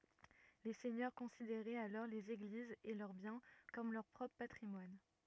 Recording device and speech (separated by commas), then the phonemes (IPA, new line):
rigid in-ear microphone, read sentence
le sɛɲœʁ kɔ̃sideʁɛt alɔʁ lez eɡlizz e lœʁ bjɛ̃ kɔm lœʁ pʁɔpʁ patʁimwan